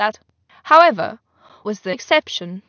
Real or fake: fake